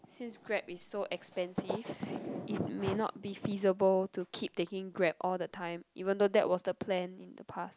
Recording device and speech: close-talking microphone, conversation in the same room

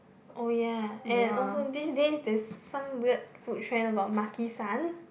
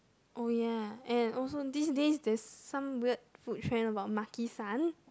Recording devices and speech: boundary microphone, close-talking microphone, conversation in the same room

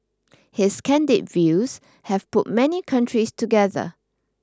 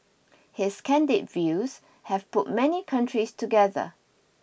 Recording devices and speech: standing microphone (AKG C214), boundary microphone (BM630), read sentence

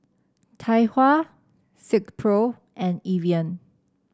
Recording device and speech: standing microphone (AKG C214), read sentence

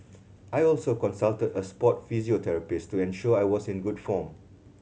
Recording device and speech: mobile phone (Samsung C7100), read sentence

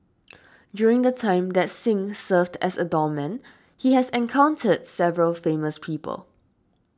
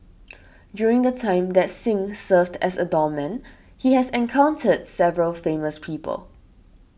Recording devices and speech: standing microphone (AKG C214), boundary microphone (BM630), read sentence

